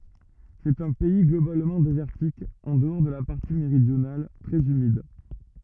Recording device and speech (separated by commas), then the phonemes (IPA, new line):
rigid in-ear microphone, read sentence
sɛt œ̃ pɛi ɡlobalmɑ̃ dezɛʁtik ɑ̃ dəɔʁ də la paʁti meʁidjonal tʁɛz ymid